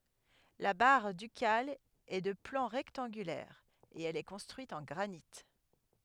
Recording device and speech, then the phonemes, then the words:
headset microphone, read sentence
la baʁ dykal ɛ də plɑ̃ ʁɛktɑ̃ɡylɛʁ e ɛl ɛ kɔ̃stʁyit ɑ̃ ɡʁanit
La Barre ducale est de plan rectangulaire et elle est construite en granit.

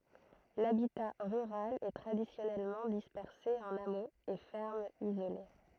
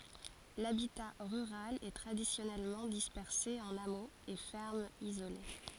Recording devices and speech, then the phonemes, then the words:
throat microphone, forehead accelerometer, read sentence
labita ʁyʁal ɛ tʁadisjɔnɛlmɑ̃ dispɛʁse ɑ̃n amoz e fɛʁmz izole
L'habitat rural est traditionnellement dispersé en hameaux et fermes isolées.

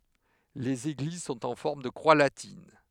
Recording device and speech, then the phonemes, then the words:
headset microphone, read sentence
lez eɡliz sɔ̃t ɑ̃ fɔʁm də kʁwa latin
Les églises sont en forme de croix latine.

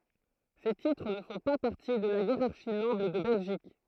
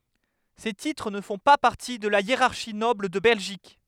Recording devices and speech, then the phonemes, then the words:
throat microphone, headset microphone, read sentence
se titʁ nə fɔ̃ pa paʁti də la jeʁaʁʃi nɔbl də bɛlʒik
Ces titres ne font pas partie de la hiérarchie noble de Belgique.

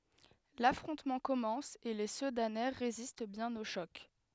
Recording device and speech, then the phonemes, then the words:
headset microphone, read sentence
lafʁɔ̃tmɑ̃ kɔmɑ̃s e le sədanɛ ʁezist bjɛ̃n o ʃɔk
L'affrontement commence et les Sedanais résistent bien au choc.

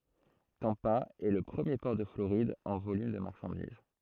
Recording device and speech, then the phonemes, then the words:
throat microphone, read sentence
tɑ̃pa ɛ lə pʁəmje pɔʁ də floʁid ɑ̃ volym də maʁʃɑ̃diz
Tampa est le premier port de Floride en volume de marchandises.

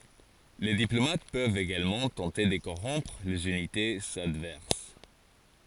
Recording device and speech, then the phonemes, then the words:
forehead accelerometer, read sentence
le diplomat pøvt eɡalmɑ̃ tɑ̃te də koʁɔ̃pʁ lez ynitez advɛʁs
Les diplomates peuvent également tenter de corrompre les unités adverses.

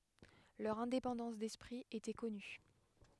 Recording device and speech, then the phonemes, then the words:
headset microphone, read sentence
lœʁ ɛ̃depɑ̃dɑ̃s dɛspʁi etɛ kɔny
Leur indépendance d'esprit était connue.

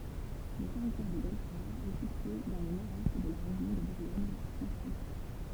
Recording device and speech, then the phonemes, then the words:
temple vibration pickup, read sentence
lə tɛʁitwaʁ də bɛlfɔʁ ɛ sitye dɑ̃ lə nɔʁdɛst də la ʁeʒjɔ̃ də buʁɡoɲfʁɑ̃ʃkɔ̃te
Le Territoire de Belfort est situé dans le nord-est de la région de Bourgogne-Franche-Comté.

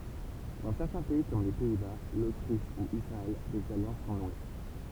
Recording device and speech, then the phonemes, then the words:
temple vibration pickup, read sentence
dɑ̃ sɛʁtɛ̃ pɛi kɔm le pɛi ba lotʁiʃ u isʁaɛl dez aljɑ̃s sɔ̃ nwe
Dans certains pays, comme les Pays-Bas, l’Autriche ou Israël, des alliances sont nouées.

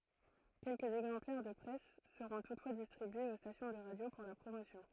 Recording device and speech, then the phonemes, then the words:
throat microphone, read sentence
kɛlkəz ɛɡzɑ̃plɛʁ də pʁɛs səʁɔ̃ tutfwa distʁibyez o stasjɔ̃ də ʁadjo puʁ la pʁomosjɔ̃
Quelques exemplaires de presse seront toutefois distribués aux stations de radio pour la promotion.

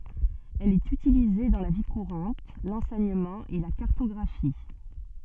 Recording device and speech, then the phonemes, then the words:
soft in-ear microphone, read sentence
ɛl ɛt ytilize dɑ̃ la vi kuʁɑ̃t lɑ̃sɛɲəmɑ̃ e la kaʁtɔɡʁafi
Elle est utilisée dans la vie courante, l'enseignement et la cartographie.

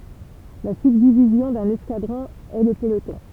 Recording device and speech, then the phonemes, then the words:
temple vibration pickup, read sentence
la sybdivizjɔ̃ dœ̃n ɛskadʁɔ̃ ɛ lə pəlotɔ̃
La subdivision d'un escadron est le peloton.

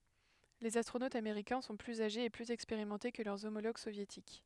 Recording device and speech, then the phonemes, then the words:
headset microphone, read sentence
lez astʁonotz ameʁikɛ̃ sɔ̃ plyz aʒez e plyz ɛkspeʁimɑ̃te kə lœʁ omoloɡ sovjetik
Les astronautes américains sont plus âgés et plus expérimentés que leurs homologues soviétiques.

